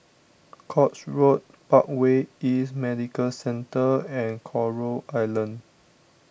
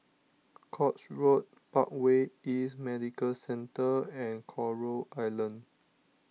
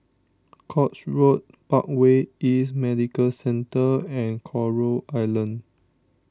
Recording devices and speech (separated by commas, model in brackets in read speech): boundary microphone (BM630), mobile phone (iPhone 6), standing microphone (AKG C214), read sentence